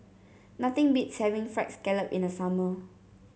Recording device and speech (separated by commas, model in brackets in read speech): mobile phone (Samsung C7), read sentence